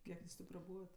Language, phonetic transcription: Lithuanian, ˈkiek jūs ˈtė praˈbūvat

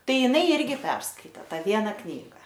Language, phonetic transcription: Lithuanian, ˈtai iˈnai ˈirgi ˈperskaitė ˈtą ˈviena ˈknyga

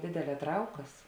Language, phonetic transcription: Lithuanian, ˈdėdeˌlē ˈtraukas

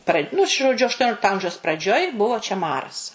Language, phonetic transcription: Lithuanian, pra nu žoˈdžiu ašˈtoniolikto ˈamžiaus praˈdžioj ˈbuvo čia ˈmaras

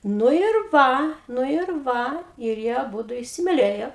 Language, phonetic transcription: Lithuanian, ˈnu ir ˈva ˈnu ir ˈva ir ˈjie aˈbudu isimiˈlėjo

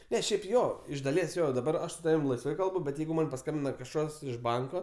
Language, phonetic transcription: Lithuanian, ˈne ˈšiaip ˈjo iš daˈlies ˈjo daˈbar ˈaš su ˈtavim laisˈvai ˈkalbu bet ˈjeigu ˈman paˈskambina kažˈkas iš ˈbanko

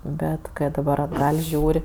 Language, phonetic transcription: Lithuanian, ˈbet ˈkɜ daˈbar atˈgal' ˈžiūr'

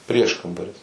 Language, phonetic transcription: Lithuanian, ˈprieškambaris

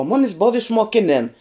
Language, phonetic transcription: Lithuanian, o ˈmumis bov išmoˈkinėn

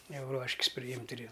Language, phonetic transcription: Lithuanian, ˈjau ˈruoškis priˈjimt' ir i

